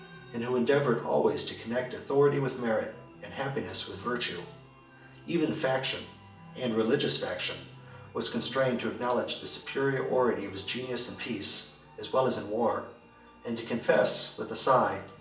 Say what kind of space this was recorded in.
A spacious room.